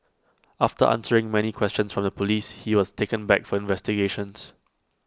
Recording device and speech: close-talking microphone (WH20), read sentence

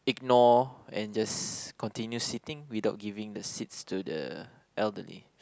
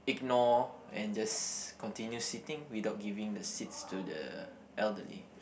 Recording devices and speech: close-talking microphone, boundary microphone, conversation in the same room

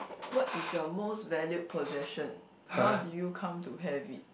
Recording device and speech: boundary microphone, conversation in the same room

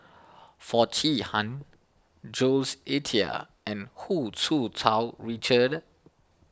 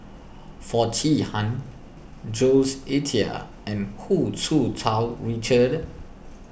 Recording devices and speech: standing microphone (AKG C214), boundary microphone (BM630), read sentence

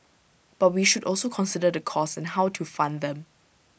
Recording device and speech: boundary microphone (BM630), read sentence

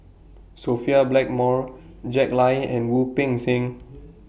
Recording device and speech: boundary microphone (BM630), read sentence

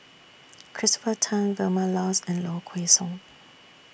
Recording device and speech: boundary microphone (BM630), read sentence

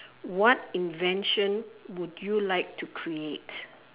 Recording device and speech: telephone, conversation in separate rooms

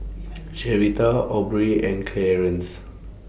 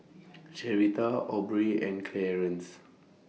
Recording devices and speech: boundary microphone (BM630), mobile phone (iPhone 6), read sentence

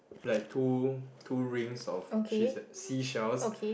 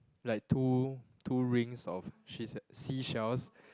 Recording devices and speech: boundary microphone, close-talking microphone, conversation in the same room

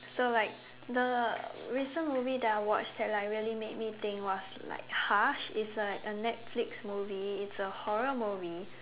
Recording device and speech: telephone, conversation in separate rooms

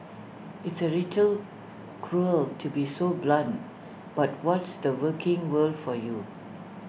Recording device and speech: boundary microphone (BM630), read sentence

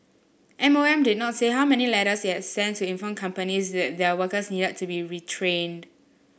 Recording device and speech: boundary microphone (BM630), read sentence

